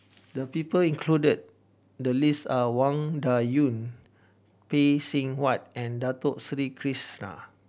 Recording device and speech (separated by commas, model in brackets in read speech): boundary microphone (BM630), read sentence